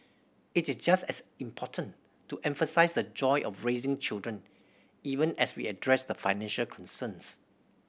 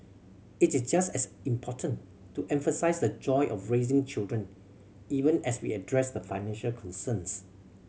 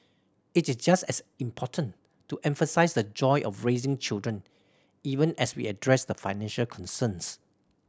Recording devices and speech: boundary microphone (BM630), mobile phone (Samsung C7100), standing microphone (AKG C214), read sentence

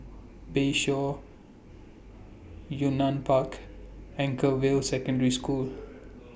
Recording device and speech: boundary microphone (BM630), read sentence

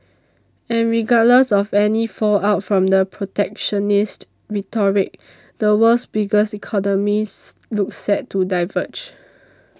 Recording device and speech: standing microphone (AKG C214), read sentence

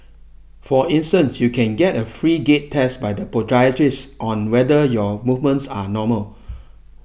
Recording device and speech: boundary microphone (BM630), read sentence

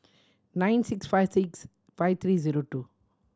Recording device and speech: standing microphone (AKG C214), read sentence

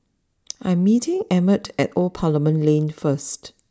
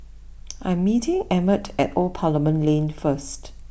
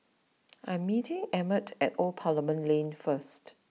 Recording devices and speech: standing microphone (AKG C214), boundary microphone (BM630), mobile phone (iPhone 6), read sentence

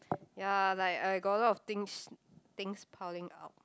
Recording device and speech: close-talking microphone, conversation in the same room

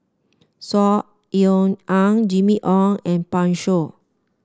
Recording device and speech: standing microphone (AKG C214), read sentence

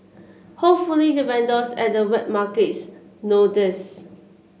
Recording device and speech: mobile phone (Samsung C7), read sentence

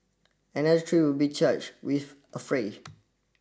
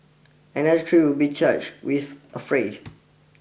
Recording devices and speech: standing microphone (AKG C214), boundary microphone (BM630), read sentence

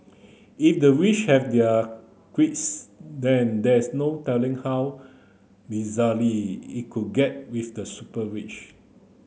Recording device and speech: mobile phone (Samsung C9), read sentence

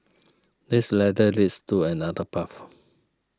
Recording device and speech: standing microphone (AKG C214), read sentence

